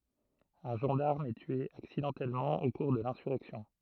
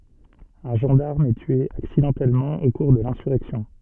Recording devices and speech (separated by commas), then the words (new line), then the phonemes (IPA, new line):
throat microphone, soft in-ear microphone, read sentence
Un gendarme est tué accidentellement au cours de l’insurrection.
œ̃ ʒɑ̃daʁm ɛ tye aksidɑ̃tɛlmɑ̃ o kuʁ də lɛ̃syʁɛksjɔ̃